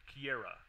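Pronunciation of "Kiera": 'Kiera' is pronounced to rhyme with 'Sierra'.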